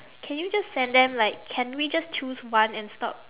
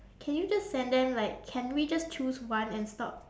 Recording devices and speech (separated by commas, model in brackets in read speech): telephone, standing microphone, conversation in separate rooms